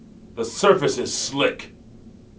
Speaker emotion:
angry